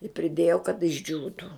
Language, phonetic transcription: Lithuanian, i priˈdėjo kad išˈdžiūtų

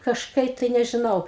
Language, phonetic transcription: Lithuanian, kažˈkai tai nežiˈnau

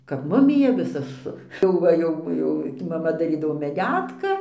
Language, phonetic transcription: Lithuanian, kap ˈmumija ˈvisa su jau ˈva ˈjau ˈjau maˈma daˈrydavo meˈdetka

